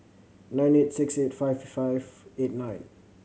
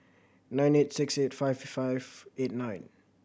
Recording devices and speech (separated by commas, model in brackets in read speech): mobile phone (Samsung C7100), boundary microphone (BM630), read sentence